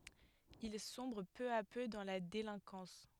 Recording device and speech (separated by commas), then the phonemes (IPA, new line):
headset microphone, read sentence
il sɔ̃bʁ pø a pø dɑ̃ la delɛ̃kɑ̃s